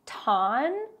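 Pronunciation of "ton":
'ton' is said the incorrect way for the last syllable of 'Washington': its vowel is not reduced to a schwa.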